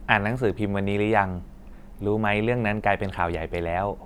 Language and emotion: Thai, neutral